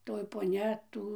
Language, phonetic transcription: Lithuanian, ˈtoj poˈnia ˈtų

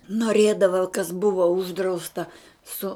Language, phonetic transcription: Lithuanian, noˈrėdava kas ˈbuva ˈuždrausta ˈsu

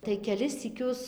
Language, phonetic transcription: Lithuanian, tai keˈlis syˈkius

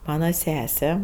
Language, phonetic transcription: Lithuanian, ˈmana ˈsese

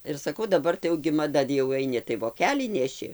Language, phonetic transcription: Lithuanian, ir saˈkau daˈbar tai jau gi maˈda jau aiˈni tai voˈkelį neˈši

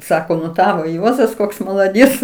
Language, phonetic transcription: Lithuanian, ˈsako nu ˈtavo ˈjuozas ˈkoks malaˈdiec

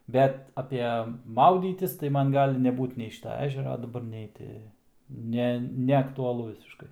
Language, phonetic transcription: Lithuanian, ˈbet ape ˈmaudytis tai ˈman ˈgali ˈnebūt nei ˈšyta ˈežera daˈbar ˈnei ti ˈne neaktuaˈlu visišˈkai

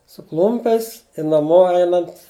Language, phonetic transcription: Lithuanian, su ˈklumpiais i naˈmo ˈeinant

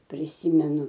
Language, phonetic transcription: Lithuanian, priˈsymenu

